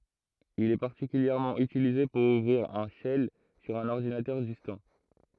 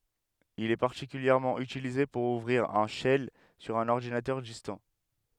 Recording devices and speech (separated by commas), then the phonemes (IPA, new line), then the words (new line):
throat microphone, headset microphone, read sentence
il ɛ paʁtikyljɛʁmɑ̃ ytilize puʁ uvʁiʁ œ̃ ʃɛl syʁ œ̃n ɔʁdinatœʁ distɑ̃
Il est particulièrement utilisé pour ouvrir un shell sur un ordinateur distant.